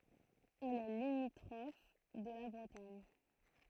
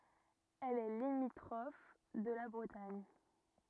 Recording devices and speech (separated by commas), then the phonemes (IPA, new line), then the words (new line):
throat microphone, rigid in-ear microphone, read sentence
ɛl ɛ limitʁɔf də la bʁətaɲ
Elle est limitrophe de la Bretagne.